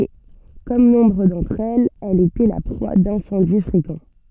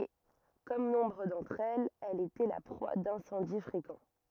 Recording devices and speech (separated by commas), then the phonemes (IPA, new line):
soft in-ear microphone, rigid in-ear microphone, read sentence
e kɔm nɔ̃bʁ dɑ̃tʁ ɛlz ɛl etɛ la pʁwa dɛ̃sɑ̃di fʁekɑ̃